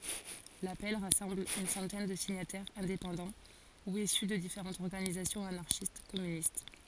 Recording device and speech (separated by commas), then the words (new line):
forehead accelerometer, read sentence
L'appel rassemble une centaine de signataires indépendants ou issus de différentes organisations anarchistes-communistes.